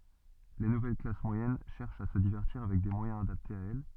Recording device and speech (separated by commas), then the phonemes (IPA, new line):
soft in-ear microphone, read sentence
le nuvɛl klas mwajɛn ʃɛʁʃt a sə divɛʁtiʁ avɛk de mwajɛ̃z adaptez a ɛl